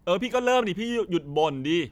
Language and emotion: Thai, frustrated